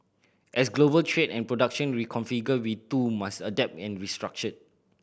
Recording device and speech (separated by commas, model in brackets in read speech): boundary microphone (BM630), read sentence